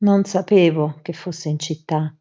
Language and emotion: Italian, sad